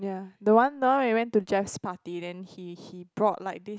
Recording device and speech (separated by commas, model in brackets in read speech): close-talking microphone, conversation in the same room